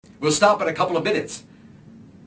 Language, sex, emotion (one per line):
English
male
angry